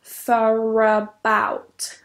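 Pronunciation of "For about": In 'for about', an r sound is added at the end of 'for', linking it to 'about', which starts with a vowel.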